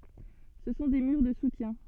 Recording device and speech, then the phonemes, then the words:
soft in-ear microphone, read sentence
sə sɔ̃ de myʁ də sutjɛ̃
Ce sont des murs de soutien.

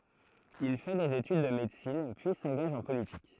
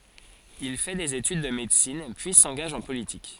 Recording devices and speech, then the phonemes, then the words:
throat microphone, forehead accelerometer, read sentence
il fɛ dez etyd də medəsin pyi sɑ̃ɡaʒ ɑ̃ politik
Il fait des études de médecine, puis s'engage en politique.

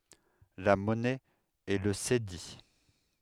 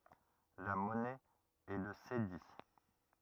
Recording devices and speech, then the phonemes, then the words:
headset microphone, rigid in-ear microphone, read sentence
la mɔnɛ ɛ lə sedi
La monnaie est le cédi.

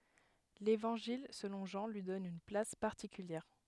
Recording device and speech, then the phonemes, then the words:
headset microphone, read sentence
levɑ̃ʒil səlɔ̃ ʒɑ̃ lyi dɔn yn plas paʁtikyljɛʁ
L'évangile selon Jean lui donne une place particulière.

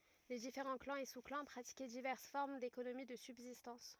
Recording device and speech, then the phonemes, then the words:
rigid in-ear microphone, read sentence
le difeʁɑ̃ klɑ̃z e su klɑ̃ pʁatikɛ divɛʁs fɔʁm dekonomi də sybzistɑ̃s
Les différents clans et sous-clans pratiquaient diverses formes d’économie de subsistance.

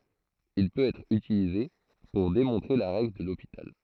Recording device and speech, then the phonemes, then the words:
throat microphone, read sentence
il pøt ɛtʁ ytilize puʁ demɔ̃tʁe la ʁɛɡl də lopital
Il peut être utilisé pour démontrer la règle de L'Hôpital.

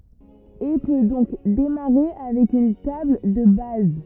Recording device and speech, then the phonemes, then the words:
rigid in-ear microphone, read sentence
e pø dɔ̃k demaʁe avɛk yn tabl də baz
Et peut donc démarrer avec une table de base.

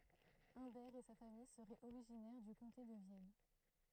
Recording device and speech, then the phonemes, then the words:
throat microphone, read sentence
œ̃bɛʁ e sa famij səʁɛt oʁiʒinɛʁ dy kɔ̃te də vjɛn
Humbert et sa famille seraient originaires du comté de Vienne.

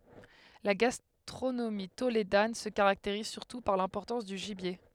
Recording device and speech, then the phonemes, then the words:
headset microphone, read sentence
la ɡastʁonomi toledan sə kaʁakteʁiz syʁtu paʁ lɛ̃pɔʁtɑ̃s dy ʒibje
La gastronomie tolédane se caractérise surtout par l'importance du gibier.

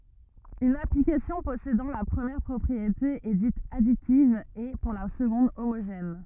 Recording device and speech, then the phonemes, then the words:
rigid in-ear microphone, read sentence
yn aplikasjɔ̃ pɔsedɑ̃ la pʁəmjɛʁ pʁɔpʁiete ɛ dit aditiv e puʁ la səɡɔ̃d omoʒɛn
Une application possédant la première propriété est dite additive et, pour la seconde, homogène.

